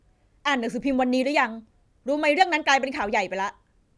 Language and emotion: Thai, angry